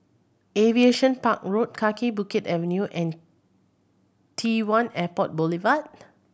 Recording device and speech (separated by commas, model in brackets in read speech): boundary microphone (BM630), read sentence